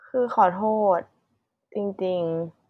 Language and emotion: Thai, sad